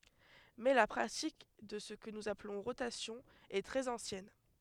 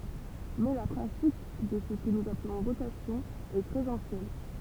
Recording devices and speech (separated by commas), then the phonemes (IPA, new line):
headset microphone, temple vibration pickup, read sentence
mɛ la pʁatik də sə kə nuz aplɔ̃ ʁotasjɔ̃ ɛ tʁɛz ɑ̃sjɛn